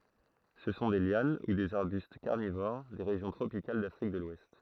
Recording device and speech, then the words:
throat microphone, read sentence
Ce sont des lianes ou des arbustes carnivores, des régions tropicales d'Afrique de l'Ouest.

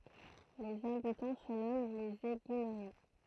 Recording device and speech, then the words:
throat microphone, read sentence
Les habitants se nomment les Éguinériens.

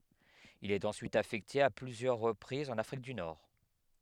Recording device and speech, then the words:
headset microphone, read sentence
Il est ensuite affecté à plusieurs reprises en Afrique du Nord.

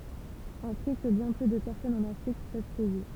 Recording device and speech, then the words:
temple vibration pickup, read sentence
Un prix que bien peu de personnes en Afrique peuvent payer.

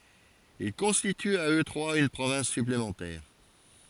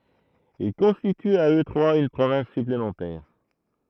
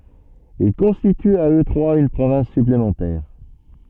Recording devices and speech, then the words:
forehead accelerometer, throat microphone, soft in-ear microphone, read sentence
Ils constituent à eux trois une province supplémentaire.

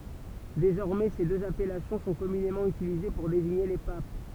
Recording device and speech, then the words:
temple vibration pickup, read sentence
Désormais, ces deux appellations sont communément utilisées pour désigner les papes.

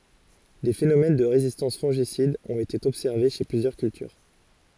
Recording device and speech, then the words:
forehead accelerometer, read sentence
Des phénomènes de résistance fongicides ont été observés chez plusieurs cultures.

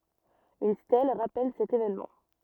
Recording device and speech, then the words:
rigid in-ear microphone, read sentence
Une stèle rappelle cet évènement.

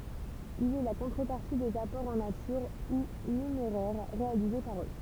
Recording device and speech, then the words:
temple vibration pickup, read sentence
Il est la contrepartie des apports en nature ou numéraire réalisés par eux.

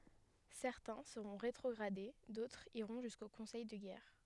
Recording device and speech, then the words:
headset microphone, read sentence
Certains seront rétrogradés, d'autres iront jusqu'au conseil de guerre.

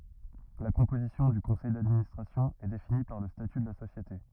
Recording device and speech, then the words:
rigid in-ear microphone, read sentence
La composition du conseil d'administration est définie par le statut de la société.

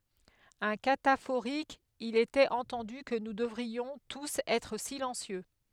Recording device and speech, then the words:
headset microphone, read sentence
Un cataphorique: Il était entendu que nous devrions tous être silencieux.

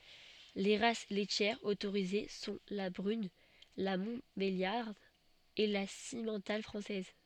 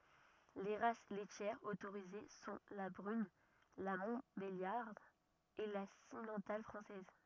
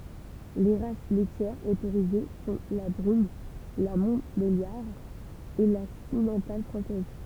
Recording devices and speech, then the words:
soft in-ear microphone, rigid in-ear microphone, temple vibration pickup, read sentence
Les races laitières autorisées sont la brune, la montbéliarde et la simmental française.

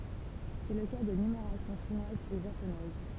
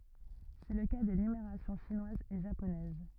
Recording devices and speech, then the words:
temple vibration pickup, rigid in-ear microphone, read sentence
C'est le cas des numérations chinoise et japonaise.

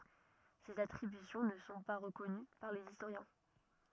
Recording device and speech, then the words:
rigid in-ear microphone, read sentence
Ces attributions ne sont pas reconnues par les historiens.

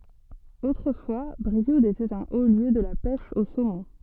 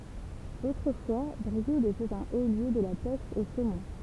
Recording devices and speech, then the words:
soft in-ear microphone, temple vibration pickup, read sentence
Autrefois, Brioude était un haut lieu de la pêche au saumon.

